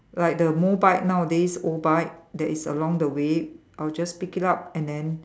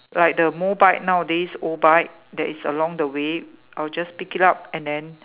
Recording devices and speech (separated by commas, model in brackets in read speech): standing microphone, telephone, conversation in separate rooms